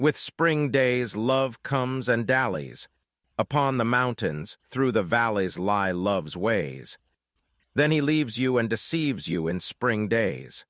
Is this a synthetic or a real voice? synthetic